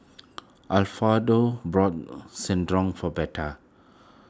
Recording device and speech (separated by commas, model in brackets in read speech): close-talking microphone (WH20), read sentence